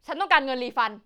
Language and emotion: Thai, angry